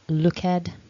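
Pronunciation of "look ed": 'Looked' is pronounced incorrectly here: the ending is said as 'ed' instead of a t sound.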